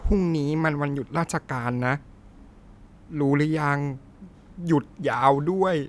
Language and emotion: Thai, sad